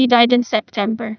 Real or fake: fake